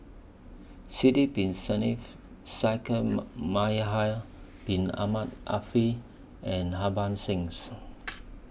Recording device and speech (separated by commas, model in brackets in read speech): boundary microphone (BM630), read sentence